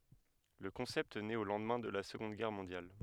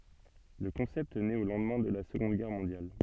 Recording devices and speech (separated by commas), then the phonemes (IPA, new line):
headset microphone, soft in-ear microphone, read sentence
lə kɔ̃sɛpt nɛt o lɑ̃dmɛ̃ də la səɡɔ̃d ɡɛʁ mɔ̃djal